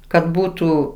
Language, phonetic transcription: Lithuanian, kad ˈbūtų

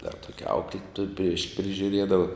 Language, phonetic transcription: Lithuanian, dar ˈtokia ˈauklituoj prieš prižiuˈriedava

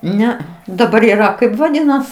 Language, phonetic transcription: Lithuanian, ˈnea daˈbar yˈra ˈkaip vaˈdynas

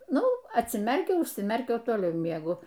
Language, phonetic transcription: Lithuanian, ˈnu atsiˈmerkiau užsiˈmerkiau o toˈliau mieˈgu

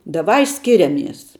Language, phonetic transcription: Lithuanian, daˈvai ˈskiriamies

